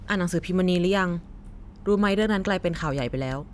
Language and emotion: Thai, neutral